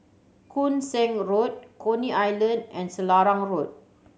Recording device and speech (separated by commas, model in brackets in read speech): mobile phone (Samsung C7100), read sentence